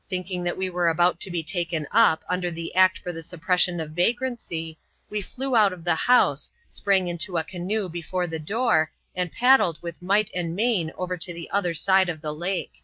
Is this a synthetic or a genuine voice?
genuine